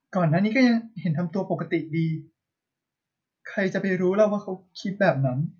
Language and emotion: Thai, sad